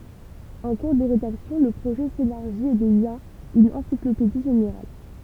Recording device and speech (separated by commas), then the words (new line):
temple vibration pickup, read sentence
En cours de rédaction, le projet s'élargit et devient une encyclopédie générale.